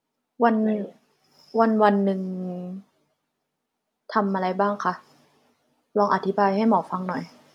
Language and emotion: Thai, neutral